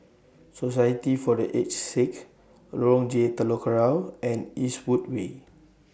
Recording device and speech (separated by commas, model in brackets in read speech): boundary microphone (BM630), read sentence